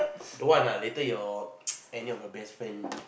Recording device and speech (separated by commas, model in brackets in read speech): boundary microphone, conversation in the same room